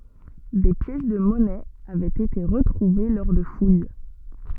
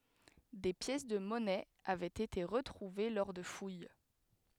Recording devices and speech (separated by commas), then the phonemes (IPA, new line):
soft in-ear microphone, headset microphone, read sentence
de pjɛs də mɔnɛz avɛt ete ʁətʁuve lɔʁ də fuj